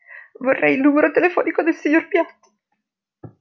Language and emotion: Italian, sad